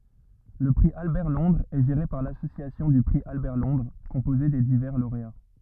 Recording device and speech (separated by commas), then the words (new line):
rigid in-ear microphone, read sentence
Le prix Albert-Londres est géré par l'Association du prix Albert-Londres, composée des divers lauréats.